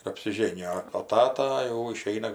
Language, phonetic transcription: Lithuanian, ir apsiˈžėnijo o ˈtata jau iˈšeina

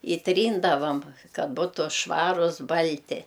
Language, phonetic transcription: Lithuanian, i ˈtryndavam ˈkad ˈbutu ˈšvarus ˈbal'ti

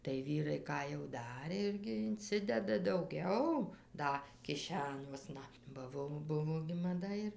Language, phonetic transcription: Lithuanian, tai ˈvyrai ˈką jau ˈdarė ˈirgi inˈcideda dauˈgiau ˈda kiˈšeniuosna ba ˈvo ˈbuvo gi maˈda ir

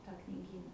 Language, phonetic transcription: Lithuanian, ˈtą kniˈgyna

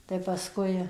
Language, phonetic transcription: Lithuanian, tai paˈskui

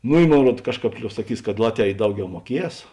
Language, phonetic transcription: Lithuanian, ˈnu i ˈmon ˈruod ˈkažˌkāp ˈliob saˈkys kad ˈlatˌvē i ˈdauˌgiau muoˈkies

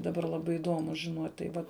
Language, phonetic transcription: Lithuanian, daˈbar laˈbai iˈdomu žiˈnot' tai ˈvat

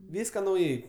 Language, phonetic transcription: Lithuanian, ˈvyska nauˈjai

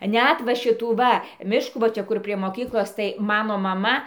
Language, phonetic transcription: Lithuanian, ˈnæt va ˈšitų ˈva ˈmiškų va ˈčia ˈkur prie moˈkyklos tai ˈmano maˈma

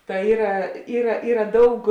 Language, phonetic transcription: Lithuanian, ta ˈyra ˈyra ˈyra ˈdaug

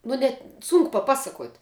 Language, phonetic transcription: Lithuanian, ˈnu net ˈsunku paˈpasaˌkuot'

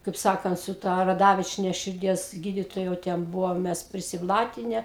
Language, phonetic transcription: Lithuanian, kaip ˈsakant su ˈta raˈdavičiene širˈdies ˈgyditoja jau ˈten ˈbuvom ˈmes prisiˈblatine

